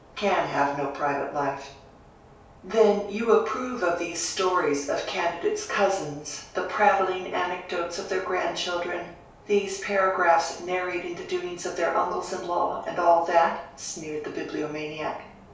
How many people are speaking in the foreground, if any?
One person.